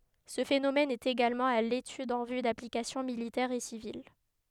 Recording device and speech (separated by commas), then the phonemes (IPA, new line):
headset microphone, read sentence
sə fenomɛn ɛt eɡalmɑ̃ a letyd ɑ̃ vy daplikasjɔ̃ militɛʁz e sivil